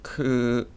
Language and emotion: Thai, sad